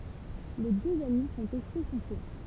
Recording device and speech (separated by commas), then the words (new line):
temple vibration pickup, read sentence
Les deux amis font échouer son plan.